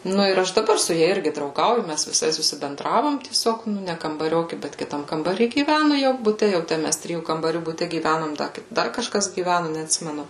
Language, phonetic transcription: Lithuanian, ˈnu ir ˈaš daˈbar su ˈja ˈirgi drauˈgauju ˈmæs viˈsai susibenˈdravom tieˈsiog ˈnu ˈne kambaˈrioki ˈbet kiˈtam kambaˈry gyˈvænu jau buˈte ˈjau tę ˈmæs ˈtrijų kambaˈrių buˈte gyˈvænom da ˈdar kažˈkas gyˈvænu neatˈsimenu

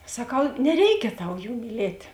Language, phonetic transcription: Lithuanian, saˈkau neˈreikia ˈtau ˈjų myˈlėt'

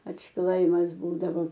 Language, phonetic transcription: Lithuanian, atšˈklaimas ˈbūdavo

